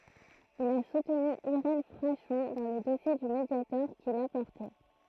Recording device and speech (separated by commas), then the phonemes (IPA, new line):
throat microphone, read sentence
il a sutny iʁɛn fʁaʃɔ̃ dɑ̃ lə dɔsje dy mədjatɔʁ kil a pɔʁte